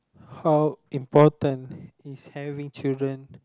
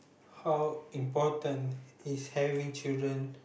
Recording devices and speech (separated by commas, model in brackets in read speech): close-talking microphone, boundary microphone, conversation in the same room